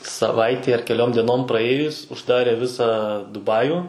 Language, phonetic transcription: Lithuanian, saˈvaitei ar keˈliom dieˈnom praˈėjus užˈdarė ˈvisą duˈbaju

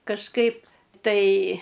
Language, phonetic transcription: Lithuanian, kažˈkaip tai

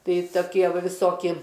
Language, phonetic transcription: Lithuanian, ˈtai toˈkie ˈva viˈsoki

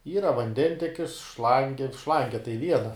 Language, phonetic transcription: Lithuanian, ˈyra vanˈdentekis ˈšlangi ˈšlange tai ˈviena

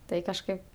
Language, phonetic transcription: Lithuanian, ˈtai kažˈkaip

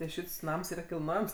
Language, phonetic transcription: Lithuanian, tai ˈšits ˈnams ˈyra kilˈnojams

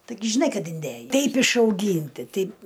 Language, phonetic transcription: Lithuanian, taiˈgi žiˈnai ˈkad inˈdėjai ˈteip išauˈgynti ˈteip

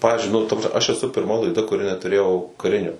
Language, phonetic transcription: Lithuanian, ˈpavizdžiui nu aš eˈsu pirˈma laiˈda kuˈri netuˈrėjau kaˈrinio

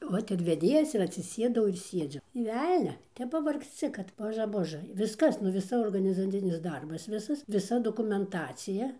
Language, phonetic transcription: Lithuanian, ˈvot ir veˈdėjas ir atsiˈsėdau ir ˈsiedziu nė ˈvelnia ˈtep pavargsˈci kad ˈboža ˈbožɘ ˈviskas nu viˈsa organizaˈcinis ˈdarbas ˈvisas viˈsa dokumenˈtacija

